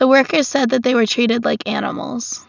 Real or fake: real